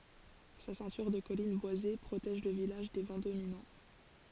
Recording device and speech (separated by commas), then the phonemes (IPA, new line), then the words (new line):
forehead accelerometer, read sentence
sa sɛ̃tyʁ də kɔlin bwaze pʁotɛʒ lə vilaʒ de vɑ̃ dominɑ̃
Sa ceinture de collines boisées protège le village des vents dominants.